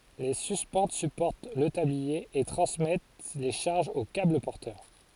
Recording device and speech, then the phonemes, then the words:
forehead accelerometer, read sentence
le syspɑ̃t sypɔʁt lə tablie e tʁɑ̃smɛt le ʃaʁʒz o kabl pɔʁtœʁ
Les suspentes supportent le tablier et transmettent les charges aux câbles porteurs.

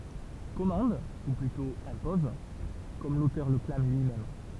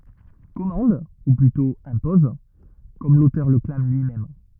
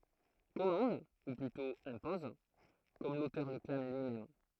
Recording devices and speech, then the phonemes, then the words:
temple vibration pickup, rigid in-ear microphone, throat microphone, read sentence
kɔmɑ̃d u plytɔ̃ ɛ̃pɔz kɔm lotœʁ lə klam lyimɛm
Commande, ou plutôt impose, comme l’auteur le clame lui-même.

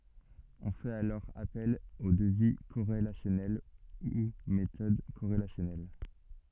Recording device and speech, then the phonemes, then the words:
soft in-ear microphone, read sentence
ɔ̃ fɛt alɔʁ apɛl o dəvi koʁelasjɔnɛl u metɔd koʁelasjɔnɛl
On fait alors appel au devis corrélationnel ou méthode corrélationnelle.

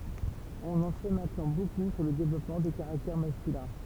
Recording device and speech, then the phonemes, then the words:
temple vibration pickup, read sentence
ɔ̃n ɑ̃ sɛ mɛ̃tnɑ̃ boku syʁ lə devlɔpmɑ̃ de kaʁaktɛʁ maskylɛ̃
On en sait maintenant beaucoup sur le développement des caractères masculins.

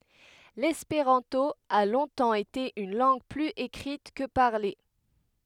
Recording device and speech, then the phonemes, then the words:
headset microphone, read sentence
lɛspeʁɑ̃to a lɔ̃tɑ̃ ete yn lɑ̃ɡ plyz ekʁit kə paʁle
L’espéranto a longtemps été une langue plus écrite que parlée.

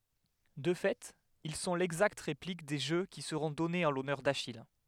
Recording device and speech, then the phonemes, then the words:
headset microphone, read sentence
də fɛt il sɔ̃ lɛɡzakt ʁeplik de ʒø ki səʁɔ̃ dɔnez ɑ̃ lɔnœʁ daʃij
De fait, ils sont l'exacte réplique des jeux qui seront donnés en l'honneur d'Achille.

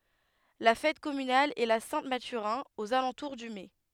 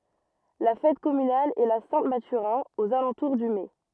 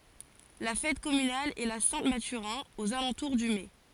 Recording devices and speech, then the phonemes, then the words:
headset microphone, rigid in-ear microphone, forehead accelerometer, read sentence
la fɛt kɔmynal ɛ la sɛ̃ matyʁɛ̃ oz alɑ̃tuʁ dy mɛ
La fête communale est la Saint-Mathurin, aux alentours du mai.

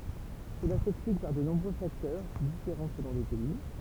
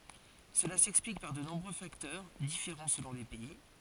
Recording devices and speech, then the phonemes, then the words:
temple vibration pickup, forehead accelerometer, read sentence
səla sɛksplik paʁ də nɔ̃bʁø faktœʁ difeʁɑ̃ səlɔ̃ le pɛi
Cela s'explique par de nombreux facteurs, différents selon les pays.

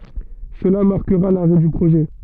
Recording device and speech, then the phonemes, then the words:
soft in-ear microphone, read sentence
səla maʁkəʁa laʁɛ dy pʁoʒɛ
Cela marquera l'arrêt du projet.

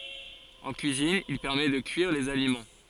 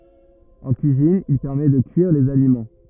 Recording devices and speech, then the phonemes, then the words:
forehead accelerometer, rigid in-ear microphone, read sentence
ɑ̃ kyizin il pɛʁmɛ də kyiʁ dez alimɑ̃
En cuisine, il permet de cuire des aliments.

